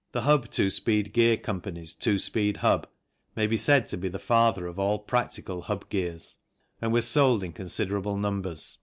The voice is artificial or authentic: authentic